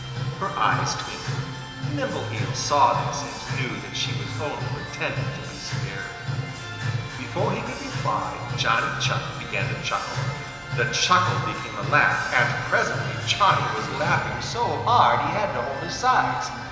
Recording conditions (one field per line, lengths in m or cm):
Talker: one person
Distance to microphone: 1.7 m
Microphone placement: close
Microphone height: 1.0 m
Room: very reverberant, large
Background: music